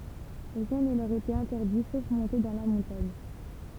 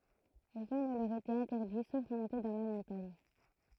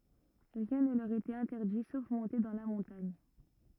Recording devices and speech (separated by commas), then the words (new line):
temple vibration pickup, throat microphone, rigid in-ear microphone, read sentence
Rien ne leur était interdit sauf monter dans la montagne.